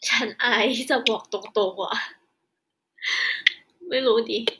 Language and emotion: Thai, sad